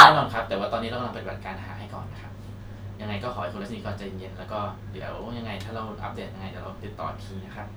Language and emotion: Thai, neutral